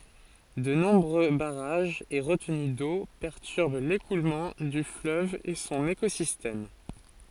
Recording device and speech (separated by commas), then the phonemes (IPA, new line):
forehead accelerometer, read sentence
də nɔ̃bʁø baʁaʒz e ʁətəny do pɛʁtyʁb lekulmɑ̃ dy fløv e sɔ̃n ekozistɛm